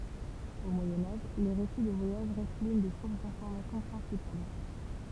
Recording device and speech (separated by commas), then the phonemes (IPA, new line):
temple vibration pickup, read sentence
o mwajɛ̃ aʒ le ʁesi də vwajaʒ ʁɛst lyn de suʁs dɛ̃fɔʁmasjɔ̃ pʁɛ̃sipal